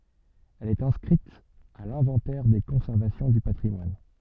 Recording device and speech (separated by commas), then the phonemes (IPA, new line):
soft in-ear microphone, read sentence
ɛl ɛt ɛ̃skʁit a lɛ̃vɑ̃tɛʁ de kɔ̃sɛʁvasjɔ̃ dy patʁimwan